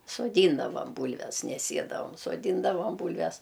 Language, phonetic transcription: Lithuanian, soˈdyndavam ˈbūlves ne ˈsiedavam soˈdyndavam ˈbūlves

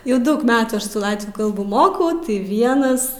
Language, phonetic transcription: Lithuanian, jau ˈdaug ˈmetų ˈaš su ˈlatvių ˈkalbų ˈmokau tai ˈvienas

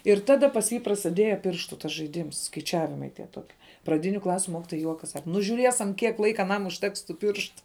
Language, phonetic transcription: Lithuanian, ir ˈtada pas ˈjį prasiˈdieja ˈpirštų tas žaiˈdyms skaiˈčiavimai tie ˈtokie praˈdiniu ˈklasiu ˈmokitoja ˈjuokas ˈsaka nu žuˈriesam ˈkiek ˈlaika aˈnam užˈteks tų ˈpirštu

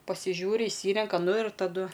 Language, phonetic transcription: Lithuanian, pasiˈžiūri išˈsyrenka ˈnu ir taˈdu

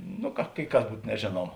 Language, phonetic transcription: Lithuanian, ˈnu ka kai ˈkas ˈbūt neˈžėnuoma

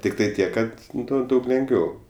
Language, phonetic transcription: Lithuanian, tikˈtai ˈtiek ˈkad ˈnu ˈdaug lengˈviau

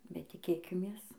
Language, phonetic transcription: Lithuanian, bet tiˈkėkimės

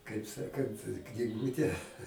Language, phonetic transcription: Lithuanian, kaip ˈsakant kniˈgūte

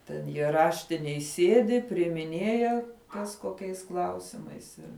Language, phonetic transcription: Lithuanian, ten jie ˈraštinėj ˈsiedi priimiˈnėja ˈkas koˈkiais ˈklausimais ˈir

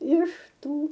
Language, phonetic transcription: Lithuanian, iš ˈtų

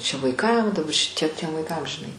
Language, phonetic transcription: Lithuanian, čia vaiˈkam daˈba šiˈtie tiem vaiˈkam žiˈnai

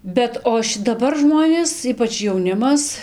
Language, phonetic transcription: Lithuanian, ˈbet o ši daˈbar ˈžmonės ˈypač jauˈnimas

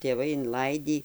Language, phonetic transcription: Lithuanian, tėˈvai inˈlaidį

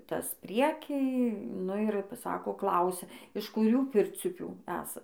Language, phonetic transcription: Lithuanian, ˈtas ˈprieky nu ir p ˈsako ˈklausia iš kuˈrių ˈpirciupių ˈesa

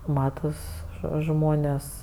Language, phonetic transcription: Lithuanian, ˈmatas žo ˈžmonės

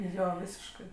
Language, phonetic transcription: Lithuanian, ˈjo ˈvysiškɜ

